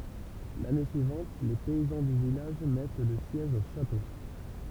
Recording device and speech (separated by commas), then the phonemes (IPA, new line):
temple vibration pickup, read sentence
lane syivɑ̃t le pɛizɑ̃ dy vilaʒ mɛt lə sjɛʒ o ʃato